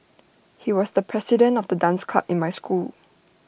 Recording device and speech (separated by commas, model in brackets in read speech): boundary microphone (BM630), read sentence